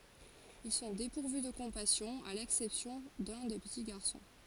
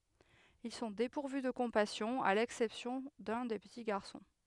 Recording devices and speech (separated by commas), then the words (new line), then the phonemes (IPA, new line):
forehead accelerometer, headset microphone, read sentence
Ils sont dépourvus de compassion, à l'exception de l'un des petits garçons.
il sɔ̃ depuʁvy də kɔ̃pasjɔ̃ a lɛksɛpsjɔ̃ də lœ̃ de pəti ɡaʁsɔ̃